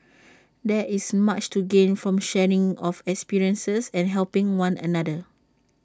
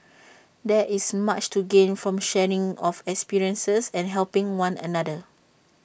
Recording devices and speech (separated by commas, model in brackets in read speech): standing microphone (AKG C214), boundary microphone (BM630), read sentence